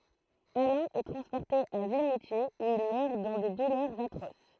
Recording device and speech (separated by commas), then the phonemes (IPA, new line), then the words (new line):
throat microphone, read sentence
alɛ̃ ɛ tʁɑ̃spɔʁte a vimutjez u il mœʁ dɑ̃ de dulœʁz atʁos
Alain est transporté à Vimoutiers où il meurt dans des douleurs atroces.